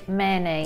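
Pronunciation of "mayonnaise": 'Mayonnaise' is said with some sounds taken out, so the word is merged together and about half of it is missing.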